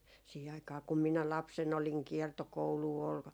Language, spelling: Finnish, siihen aikaan kun minä lapsena olin kiertokoulua oli
- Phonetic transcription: 'siihe aik̀aa kum 'minä "lapsen ‿oliŋ "kiɛrtokouluu ol ,.

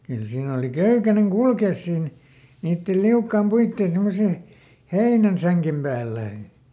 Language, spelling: Finnish, kyllä siinä oli köykäinen kulkea siinä niiden liukkaan puiden semmoisen heinänsängen päällä
- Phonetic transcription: ˈkyl ˈsiin ‿òli "köykäneŋ "kulkès siin , ˈniittel ˈliukkaam "puittèn ˈsemmose , "heinänˈsäŋkem päälläi .

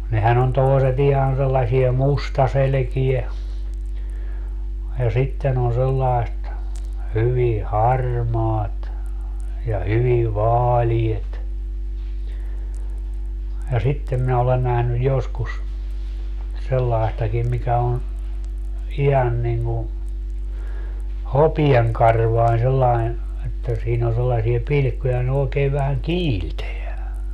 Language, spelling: Finnish, nehän on toiset ihan sellaisia mustaselkiä ja sitten on sellaiset hyvin harmaat ja hyvin vaaleat ja sitten minä olen nähnyt joskus sellaistakin mikä on ihan niin kuin hopeankarvainen sellainen että siinä on sellaisia pilkkuja ne oikein vähän kiiltää
- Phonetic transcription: 'nehän ‿on 'tòiset 'ihan sellasiɛ "mustaselᵉkie , ja 'sitten ‿on sellai̮st , 'hyvi "harmaat , ja 'hyvi "vaaliet , ja 'sittem minä olen nähnyj 'joskus , 'sellai̮stakim 'mikä on̬ , 'ihan niŋŋu , "hopieŋkarvain sellain , että 'siin ‿o sellasie 'pilⁱkkuja ne ookee vähäŋ "kiilteä .

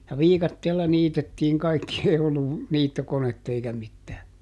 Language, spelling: Finnish, ja viikatteella niitettiin kaikki ei ollut niittokonetta eikä mitään
- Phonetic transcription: ja "viikatteella ˈniitettiiŋ ˈkaikki ei ollu , "niittokonett ‿eikä ˈmittää .

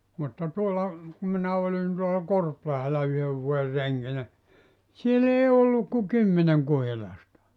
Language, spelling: Finnish, mutta tuolla kun minä olin tuolla Korpilahdella yhden vuoden renkinä siellä ei ollut kuin kymmenen kuhilasta
- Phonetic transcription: mutta 'tuolla , ku minä 'olin tuola "Korplahela 'yhöv vuo₍er 'reŋkinä , siel ‿ei 'olluk ku "kymmeneŋ 'kuhilasta .

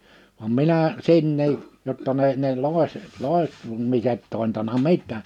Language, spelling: Finnish, vaan minä sinne jotta ne ne - - loitsemiset tointanut mitään
- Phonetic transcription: vam 'minä , 'si̳nnii , jotta ne , ne 'lòese- , 'lòeh- , -tumiset tòintana "mit̆tää .

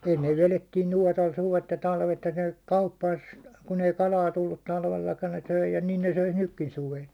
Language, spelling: Finnish, ennen vedettiin nuotalla suvet ja talvet ja ne teki kauppansa kun ei kalaa tullut talvellakaan ne söi ja niin ne söisi nytkin suvella
- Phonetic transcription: ennev 'velettiin̬ "nuåtal "suvet ja "talvet ja ne (tek) 'kauppaas , kun ‿ei "kalaa tullut 'talvellakan ne 'söi ja nin ne 'söis "nykkin 'suvel .

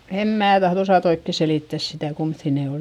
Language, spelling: Finnish, en minä tahdo osata oikein selittää sitä kummoisia ne oli
- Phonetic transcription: em mää tahδ ‿osàt ‿oikke selìttäs sitä̀ kumϑϑì ne ol .

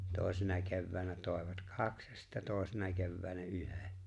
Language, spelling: Finnish, toisena keväänä toivat kaksi ja sitten toisena keväänä yhden
- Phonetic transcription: 'tòesena 'kevväänä 'tòevat "kaks ja sittä 'tòesena 'kevväänä "yhe .

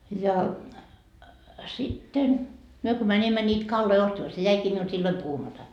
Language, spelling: Finnish, ja sitten me kun menimme niitä kaloja ostamaan se jäikin minulta silloin puhumatta
- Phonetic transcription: ja , sitten , 'myö ko 'mäńimmä ńiit 'kalloi ostama , se 'jäikii miult 'silloi "puhumata .

